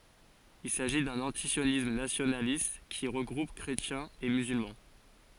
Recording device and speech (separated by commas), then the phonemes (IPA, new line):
forehead accelerometer, read sentence
il saʒi dœ̃n ɑ̃tisjonism nasjonalist ki ʁəɡʁup kʁetjɛ̃z e myzylmɑ̃